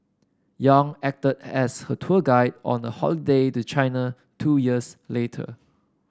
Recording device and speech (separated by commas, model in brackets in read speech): standing microphone (AKG C214), read sentence